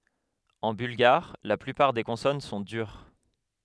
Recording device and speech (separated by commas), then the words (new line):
headset microphone, read sentence
En bulgare, la plupart des consonnes sont dures.